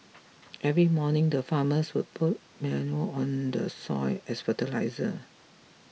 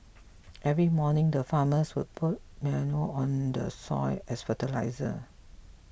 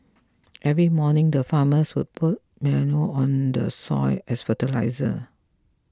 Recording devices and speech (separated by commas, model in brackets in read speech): mobile phone (iPhone 6), boundary microphone (BM630), close-talking microphone (WH20), read sentence